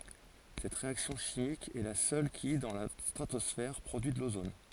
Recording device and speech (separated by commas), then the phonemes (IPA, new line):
forehead accelerometer, read sentence
sɛt ʁeaksjɔ̃ ʃimik ɛ la sœl ki dɑ̃ la stʁatɔsfɛʁ pʁodyi də lozon